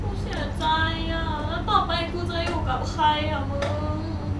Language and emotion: Thai, sad